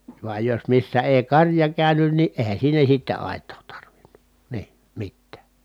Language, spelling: Finnish, vaan jos missä ei karja käynyt niin eihän siinä sitten aitaa tarvinnut niin mitään
- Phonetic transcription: vuaj jos missä èi karja kä̀ynyn ni , èi̮hän̬ siinä sitte àet̆too tarvinNU , nii , mittää .

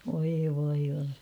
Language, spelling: Finnish, voi voi voi
- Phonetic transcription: voi voi voi .

